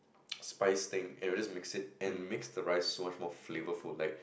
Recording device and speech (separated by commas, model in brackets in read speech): boundary microphone, conversation in the same room